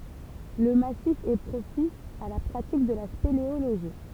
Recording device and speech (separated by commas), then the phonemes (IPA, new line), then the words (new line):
temple vibration pickup, read sentence
lə masif ɛ pʁopis a la pʁatik də la speleoloʒi
Le massif est propice à la pratique de la spéléologie.